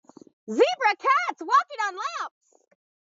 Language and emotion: English, happy